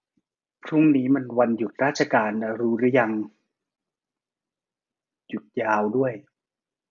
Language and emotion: Thai, frustrated